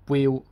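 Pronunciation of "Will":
'Will' is said with a mid tone.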